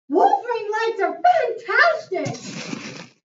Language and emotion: English, surprised